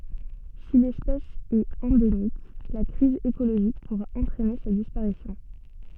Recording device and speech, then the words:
soft in-ear microphone, read sentence
Si l'espèce est endémique, la crise écologique pourra entraîner sa disparition.

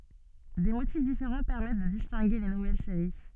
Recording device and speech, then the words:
soft in-ear microphone, read sentence
Des motifs différents permettent de distinguer les nouvelles séries.

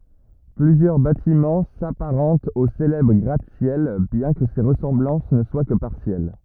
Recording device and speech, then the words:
rigid in-ear microphone, read sentence
Plusieurs bâtiments s’apparentent au célèbre gratte-ciel bien que ces ressemblances ne soient que partielles.

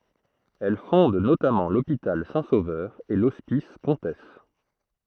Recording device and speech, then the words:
throat microphone, read sentence
Elle fonde notamment l'hôpital Saint-Sauveur et l'hospice Comtesse.

